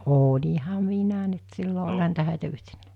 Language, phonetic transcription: Finnish, 'ooĺiha 'minä nyt 'sillo ol̜ha niitä 'hä̀itä 'yhtennää .
- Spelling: olinhan minä nyt silloin olihan niitä häitä yhtenään

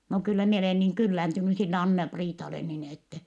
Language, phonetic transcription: Finnish, » no kyllä mie olè niŋ kylläntyny sille Anna-Priitale nin ‿ettɛ ,.
- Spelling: no kyllä minä ole niin kyllääntynyt sille Anna-Priitalle niin että

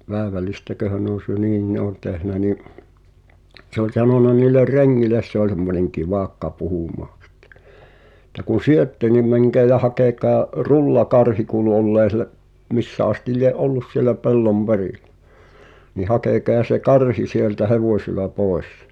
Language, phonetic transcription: Finnish, 'pääᵉvälistäköhä nᵉ ‿on̬ syö- 'niin ne ‿on tehnä ni’ , se ‿ol sanona niiller "reŋŋiles se ‿oĺ semmoneŋ 'kivàkka puhumaa ˢᴵttᴇ , [et]tä » kun̬ 'syötte niᵐ 'mäŋkeä ja 'hakeka̳a̳’ « , "rullakarhi kuulu ollee ˢⁱ[e]lä’ , 'missä astiˡ lie’ "’ollus sielä "pellom 'perìl̳ᴬ̈ , » ni 'hakèkea se "karhi sieltä "hevòsila 'pòes « .
- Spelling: päivällistäköhän ne on - niin ne on tehnyt niin se oli sanonut niille rengeille se oli semmoinen kivakka puhumaan sitten että kun syötte niin menkää ja hakekaa rullakarhi kuului olleen siellä missä asti lie ollut siellä pellon perillä niin hakekaa se karhi sieltä hevosilla pois

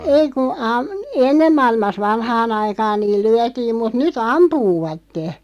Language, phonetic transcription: Finnish, 'ei ku , am- , "ennem 'maa₍ilmas 'vanhaa'n ‿aikaan niil 'lyätiim mut 'ny"t ‿ampuuvatte .
- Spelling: ei kun - ennen maailmassa vanhaan aikaan niin lyötiin mutta nyt ampuvat

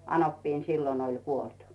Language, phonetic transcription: Finnish, 'anoppiin "sillon oĺ 'kuolt .
- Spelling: anoppini silloin oli kuollut

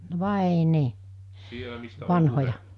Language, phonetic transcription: Finnish, (no) "vàe nii , 'vanhoja .
- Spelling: no vain niin vanhoja

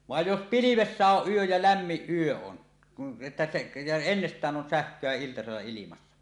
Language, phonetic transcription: Finnish, 'vàej 'jos "pilivessä 'oˀ 'ˀyöj ja "lämmiˀ 'ˀyö on , että se , ja 'ennest̀ään 'on "sähk̀öä iltasella ilimassa .
- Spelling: vaan jos pilvessä on yö ja lämmin yö on että se ja ennestään on sähköä iltasella ilmassa

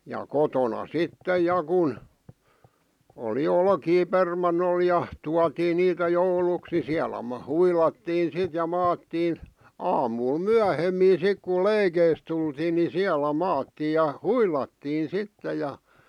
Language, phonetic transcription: Finnish, ja "kotona "sittej̆ 'ja kun , oli "olkii 'permannol ja , 'tuatii 'niitä "jouluks ni 'siälä maa- "huilattiin 'sit ja "maattiin , 'aamuul "myähemmii 'sik ku "leikeis tultiin ni 'siälä 'maattiij ja "huilattiin̬ 'sitte ja .
- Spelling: ja kotona sitten ja kun oli olkia permannolla ja tuotiin niitä jouluksi niin siellä - huilattiin sitten ja maattiin aamulla myöhemmin sitten kun leikeistä tultiin niin siellä maattiin ja huilattiin sitten ja

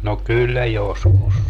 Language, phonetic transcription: Finnish, no 'kyllä "joskus .
- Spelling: no kyllä joskus

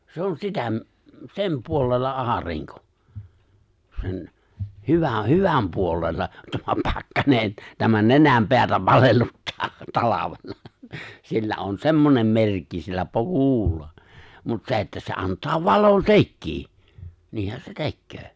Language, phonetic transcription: Finnish, 'se on 'sitä m- , 'sem 'puolella '’aariŋko , 'sen , 'hyvä- 'hyväm puolella , tämä 'pakkanen , tämä 'nenämpeätä 'palelluttaa , 'talavella , sillä on "semmonem 'merkki sillä 'pu- "ku̬ulla , mut 'se että se 'ant̀aa "valon "sekkii , 'niihän se 'tekköö .
- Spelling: se on sitä - sen puolella aurinko sen - hyvän puolella tämä pakkanen tämä nenänpäätä palelluttaa talvella sillä on semmoinen merkki sillä - kuulla mutta se että se antaa valon sekin niinhän se tekee

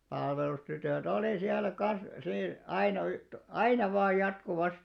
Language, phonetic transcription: Finnish, palvelustytö̀'t ‿olì siäl̆lä 'kan̬s sii- 'aina y- , "aina 'vaaj 'jatku'vastɪ .
- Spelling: palvelustytöt oli siellä kanssa - aina - aina vain jatkuvasti

